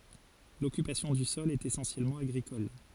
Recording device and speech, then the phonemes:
forehead accelerometer, read sentence
lɔkypasjɔ̃ dy sɔl ɛt esɑ̃sjɛlmɑ̃ aɡʁikɔl

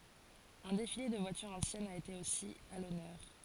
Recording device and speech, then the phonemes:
forehead accelerometer, read sentence
œ̃ defile də vwatyʁz ɑ̃sjɛnz a ete osi a lɔnœʁ

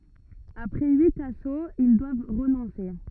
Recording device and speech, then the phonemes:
rigid in-ear microphone, read sentence
apʁɛ yit asoz il dwav ʁənɔ̃se

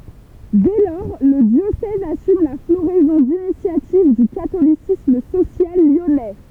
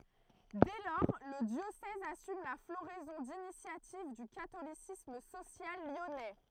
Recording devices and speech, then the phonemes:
temple vibration pickup, throat microphone, read sentence
dɛ lɔʁ lə djosɛz asym la floʁɛzɔ̃ dinisjativ dy katolisism sosjal ljɔnɛ

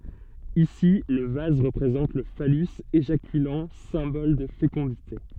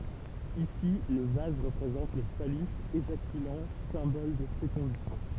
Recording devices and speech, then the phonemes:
soft in-ear microphone, temple vibration pickup, read sentence
isi lə vaz ʁəpʁezɑ̃t lə falys eʒakylɑ̃ sɛ̃bɔl də fekɔ̃dite

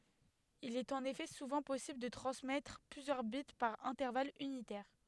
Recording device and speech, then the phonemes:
headset microphone, read sentence
il ɛt ɑ̃n efɛ suvɑ̃ pɔsibl də tʁɑ̃smɛtʁ plyzjœʁ bit paʁ ɛ̃tɛʁval ynitɛʁ

